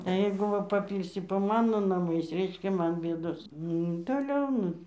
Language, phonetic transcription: Lithuanian, ˈjeigu ˈva paˈpylsi po ˈmano naˈmais ˈreiškia ˈman ˈbėdos ˈnu toˈliau ˈnu

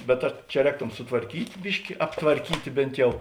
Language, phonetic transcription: Lithuanian, bet ˈa čia ˈrēktom sutvarˈkyt' ˈbiški aptvarˈkytė ˈbėnt jau

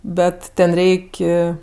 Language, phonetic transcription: Lithuanian, ˈbet ˈten ˈreik'

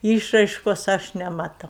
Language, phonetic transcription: Lithuanian, ˈyšraiškos ˈaš nemaˈtau

